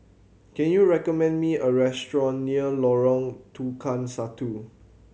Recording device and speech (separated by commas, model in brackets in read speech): mobile phone (Samsung C7100), read sentence